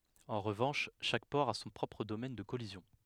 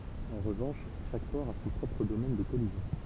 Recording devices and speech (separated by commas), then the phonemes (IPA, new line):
headset microphone, temple vibration pickup, read sentence
ɑ̃ ʁəvɑ̃ʃ ʃak pɔʁ a sɔ̃ pʁɔpʁ domɛn də kɔlizjɔ̃